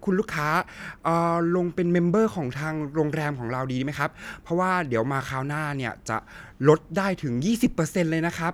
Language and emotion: Thai, neutral